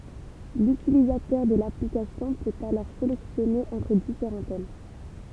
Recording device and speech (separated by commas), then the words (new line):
temple vibration pickup, read sentence
L'utilisateur de l'application peut alors sélectionner entre différents thèmes.